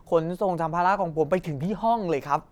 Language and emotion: Thai, neutral